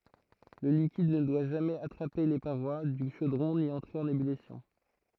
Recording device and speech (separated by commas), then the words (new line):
throat microphone, read sentence
Le liquide ne doit jamais attraper les parois du chaudron ni entrer en ébullition.